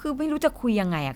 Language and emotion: Thai, frustrated